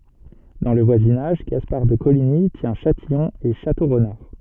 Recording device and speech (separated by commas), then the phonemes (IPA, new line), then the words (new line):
soft in-ear microphone, read sentence
dɑ̃ lə vwazinaʒ ɡaspaʁ də koliɲi tjɛ̃ ʃatijɔ̃ e ʃatoʁnaʁ
Dans le voisinage, Gaspard de Coligny tient Châtillon et Château-Renard.